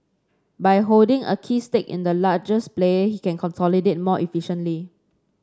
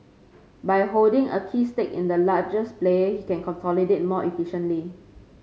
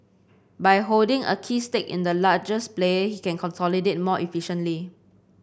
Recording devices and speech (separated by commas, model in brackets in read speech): standing microphone (AKG C214), mobile phone (Samsung C5), boundary microphone (BM630), read sentence